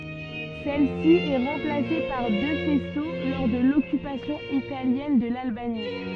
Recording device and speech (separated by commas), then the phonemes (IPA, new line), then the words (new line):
soft in-ear microphone, read sentence
sɛl si ɛ ʁɑ̃plase paʁ dø fɛso lɔʁ də lɔkypasjɔ̃ italjɛn də lalbani
Celle-ci est remplacée par deux faisceaux lors de l'occupation italienne de l'Albanie.